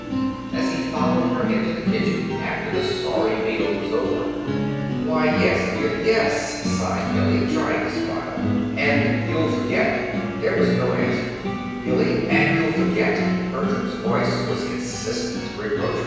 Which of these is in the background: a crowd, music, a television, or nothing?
Music.